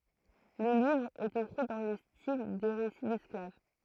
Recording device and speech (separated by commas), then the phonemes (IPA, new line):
throat microphone, read sentence
lə livʁ ɛt ekʁi dɑ̃ lə stil de ʁesi dɛsklav